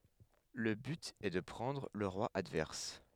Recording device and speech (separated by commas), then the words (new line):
headset microphone, read sentence
Le but est de prendre le roi adverse.